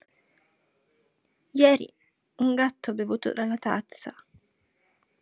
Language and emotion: Italian, sad